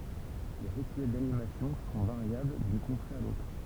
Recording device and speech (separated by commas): temple vibration pickup, read sentence